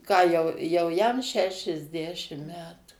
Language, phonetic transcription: Lithuanian, ˈką jau ˈjau ˈjam šešiasˈdešim ˈmetu

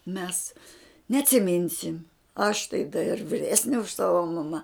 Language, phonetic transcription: Lithuanian, mes neatsiˈminsim aš tai da ir viˈresne už ˈsava maˈma

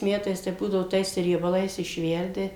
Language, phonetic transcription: Lithuanian, ˈmetais tai ˈbūdavo ˈtais riebaˈlais išˈverdi

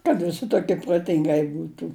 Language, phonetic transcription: Lithuanian, kad viˈsi toˈkie proˈtingai ˈbūtų

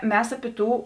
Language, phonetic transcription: Lithuanian, ˈmes aˈpi ˈtų

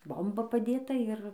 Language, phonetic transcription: Lithuanian, ˈbomba paˈdėta ir

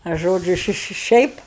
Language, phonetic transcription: Lithuanian, a ˈžodžiu ˈši ˈši ˈšiaip

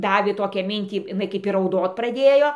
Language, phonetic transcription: Lithuanian, ˈdavė ˈtokią ˈmintį jiˈnai kaip ir rauˈdot praˈdėjo

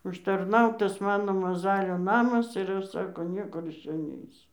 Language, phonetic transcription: Lithuanian, užtarˈnautas ˈmano maˈzalio ˈnamas ir ˈaš ˈsako ˈniekur iš ˈčia ˈneisiu

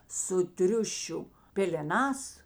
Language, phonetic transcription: Lithuanian, su ˈtriušiu pėleˈnās

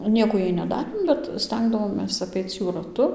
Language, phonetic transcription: Lithuanian, ˈnieko ˈjai neˈdarėm bet ˈstengdavomės aˈpeic ˈjų raˈtu

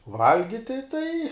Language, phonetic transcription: Lithuanian, ˈvalgiti tai

